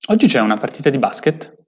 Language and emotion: Italian, surprised